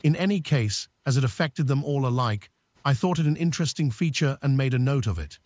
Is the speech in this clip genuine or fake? fake